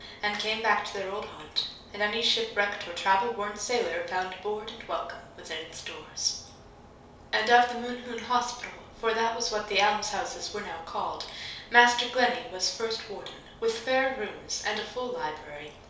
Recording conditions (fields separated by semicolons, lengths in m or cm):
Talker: one person; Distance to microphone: 3.0 m; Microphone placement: far; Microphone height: 1.8 m; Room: small (3.7 m by 2.7 m); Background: none